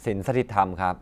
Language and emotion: Thai, neutral